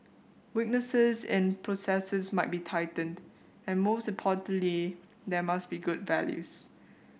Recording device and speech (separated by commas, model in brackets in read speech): boundary microphone (BM630), read sentence